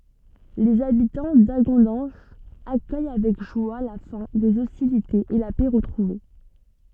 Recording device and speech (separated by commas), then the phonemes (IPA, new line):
soft in-ear microphone, read sentence
lez abitɑ̃ daɡɔ̃dɑ̃ʒ akœj avɛk ʒwa la fɛ̃ dez ɔstilitez e la pɛ ʁətʁuve